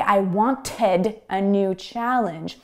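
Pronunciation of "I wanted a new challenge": In 'wanted', the t is pronounced rather than muted as it often is in North American English. Pronouncing the t this way is a common learner mistake.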